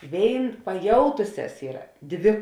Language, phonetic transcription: Lithuanian, ˈvėin paˈjautusias ˈyra ˈdvi

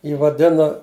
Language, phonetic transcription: Lithuanian, ˈjį vaˈdino

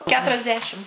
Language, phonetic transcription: Lithuanian, ˌketuriasˈdešim

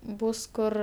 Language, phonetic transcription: Lithuanian, ˈbūs ˈkur

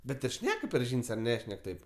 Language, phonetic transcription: Lithuanian, ˈbet ir ˈšneka per ˈžyn's' ar ˈnešnek ˈtaip

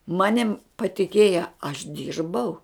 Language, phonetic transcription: Lithuanian, ˈmanim patiˈkėja aš ˈdyrbau

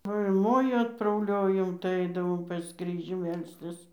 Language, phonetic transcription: Lithuanian, ˈva ir ˈmoju atprauˈliojom tai ˈaidavom pas ˈkryžių ˈmelstis

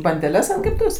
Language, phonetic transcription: Lithuanian, bandeˈles ant kepˈtuvės

